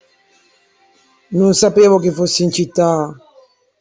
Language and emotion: Italian, sad